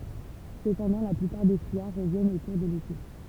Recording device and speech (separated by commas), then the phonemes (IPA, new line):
temple vibration pickup, read sentence
səpɑ̃dɑ̃ la plypaʁ de fyijaʁ ʁəvjɛnt o kuʁ də lete